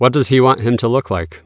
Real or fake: real